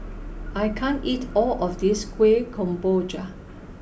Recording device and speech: boundary microphone (BM630), read sentence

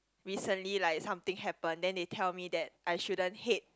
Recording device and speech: close-talking microphone, conversation in the same room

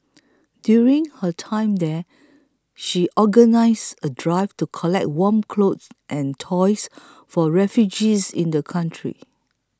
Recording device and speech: close-talking microphone (WH20), read sentence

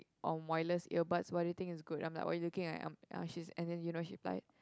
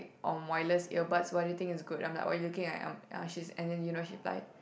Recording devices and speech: close-talking microphone, boundary microphone, conversation in the same room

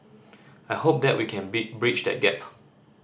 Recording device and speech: standing microphone (AKG C214), read sentence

